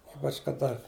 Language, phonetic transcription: Lithuanian, ˈypač kaˈda

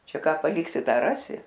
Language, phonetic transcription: Lithuanian, ˈčia ˈką paˈliksi ˈtą ˈrasi

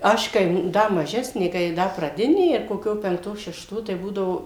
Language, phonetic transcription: Lithuanian, ˈaš kai ˈda maˈžesnė kai ˈda praˈdinė ir koˈkio penkˈto šešˈto tai ˈbūdavo

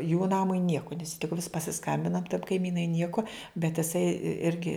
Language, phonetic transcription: Lithuanian, jų ˈnamui ˈnieku nes tik vis pasiˈskambina kaiˈmynai ˈnieku bet iˈsai ˈirgi

